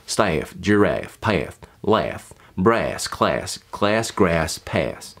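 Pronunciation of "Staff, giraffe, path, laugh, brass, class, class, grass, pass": These words are said in a Tennessee-style accent, with the vowel as more of a diphthong, so there's more movement in it.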